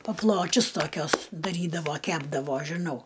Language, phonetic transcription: Lithuanian, paˈpločius toˈkiuos daˈrydavo ˈkepdavo žiˈnau

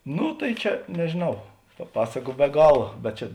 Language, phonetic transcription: Lithuanian, ˈnu tai ˈčia nežėˈnau pa ˈpasaku be ˈgala bet ˈčia

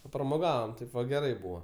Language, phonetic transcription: Lithuanian, papramoˈgavam ˈtaip va geˈrai ˈbūva

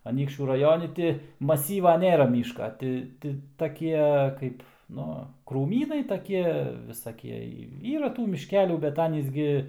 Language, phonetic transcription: Lithuanian, aˈnykščių raˈjoni ti maˈsyva ˈnėra ˈmyška ˈti ti taˈkie ˈkaip ˈnu krūˈmynai taˈkie visaˈkie ˈyra ˈtų mišˈkelių bet ˈanys gi

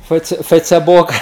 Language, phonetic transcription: Lithuanian, ˈfəice ˈfəicebok

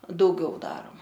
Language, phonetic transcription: Lithuanian, dauˈgiau ˈdaroma

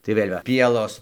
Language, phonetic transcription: Lithuanian, tai ˈvėl' va ˈpielos

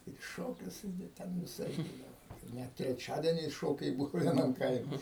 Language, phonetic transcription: Lithuanian, ir i ˈšokius i da ˈten viˈsaip ˈbūdavo ˈnet treˈčiadieniais ˈšokiai ˈbuvu vieˈnam ˈkaime

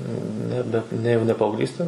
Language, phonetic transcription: Lithuanian, ˈnebe ˈne jau ne paaugˈlystė

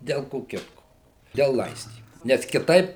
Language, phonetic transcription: Lithuanian, del ˈko ˈkitko del ˈlaistymu nes kiˈtaip

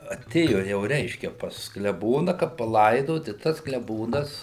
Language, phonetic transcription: Lithuanian, aˈtėjo jau ˈreiškia pas kleˈbona kad paˈlaidot i tas kleˈbonas

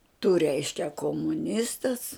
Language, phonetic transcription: Lithuanian, tu ˈreiškia komuˈnistas

